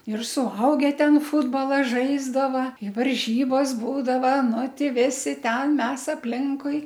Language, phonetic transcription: Lithuanian, ir suˈauge ˈten ˈfutbola ˈžaisdava i varˈžybos ˈbūdava ˈnu ˈti ˈvisi ˈten ˈmes apˈlinkui

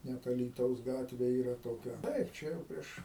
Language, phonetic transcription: Lithuanian, ˈnet alyˈtaus ˈgatvė ˈyra toˈkia ˈtaip ˈčia jau ˈprieš

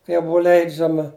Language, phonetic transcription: Lithuanian, ˈkai jau ˈbuu ˈleidžiama

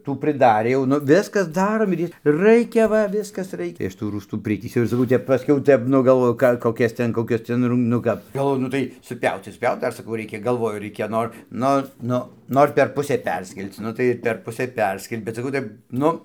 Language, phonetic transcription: Lithuanian, ˈtų priˈdarė jau ˈnu ˈviskas ˈdarom ir ˈjie ˈraikia ˈva ˈviskas ˈraikia tai ˈaš tų ˈrųstų ˈpritįsiau ir saˈkau ˈtep paˈskiau ˈtep ˈnu galˈvoju ˈką koˈkias ˈten koˈkias ˈten rum nu ˈkap galˈvoju nu ˈtai suˈpiauc tai suˈpjaut ˈdar saˈkau ˈreikia galˈvoju ˈreikia ˈnor ˈnu ˈnu ˈnor per ˈpusė ˈperskel'c ˈnu tai per ˈpusė ˈperskeli bet saˈkau ˈtaip ˈnu

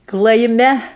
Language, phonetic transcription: Lithuanian, klaiˈme

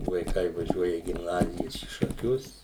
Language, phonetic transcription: Lithuanian, vaiˈkai vaˈžiuoja į gimˈnazijas į šaˈkius

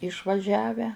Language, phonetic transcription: Lithuanian, išvaˈžiavę

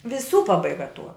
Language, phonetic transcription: Lithuanian, viˈsų pabaiˈga tuo

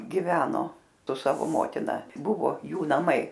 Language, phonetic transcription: Lithuanian, giˈveno su ˈsavo ˈmotina ˈbuvo ˈjų naˈmai

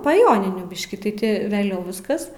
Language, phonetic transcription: Lithuanian, pa ˈjoninių ˈbiški tai ˈti veˈliau ˈviskas

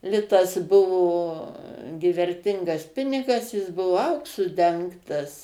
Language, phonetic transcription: Lithuanian, ˈlitas ˈbuvo gi verˈtingas ˈpinigas ˈjis ˈbuvo ˈauksu ˈdengtas

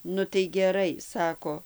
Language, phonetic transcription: Lithuanian, nu tai geˈrai ˈsako

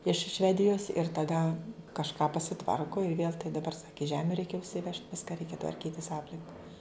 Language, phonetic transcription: Lithuanian, iš ˈšvedijos ir taˈda kažˈką pasiˈtvarku ir vėl tai daˈbar ˈsaki ˈžemiu ˈreikia užsiˈvežt ˈviska ˈreikia tvarˈkytis ˈaplinka

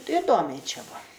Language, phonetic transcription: Lithuanian, iˈdomiai ˈčia ˈbua

